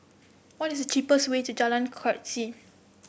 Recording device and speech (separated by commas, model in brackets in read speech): boundary microphone (BM630), read sentence